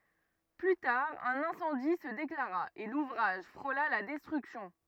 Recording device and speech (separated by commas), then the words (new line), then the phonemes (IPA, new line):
rigid in-ear microphone, read sentence
Plus tard, un incendie se déclara, et l'ouvrage frôla la destruction.
ply taʁ œ̃n ɛ̃sɑ̃di sə deklaʁa e luvʁaʒ fʁola la dɛstʁyksjɔ̃